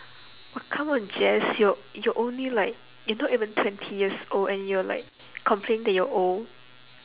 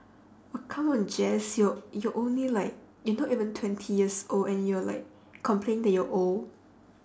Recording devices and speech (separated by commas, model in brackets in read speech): telephone, standing microphone, conversation in separate rooms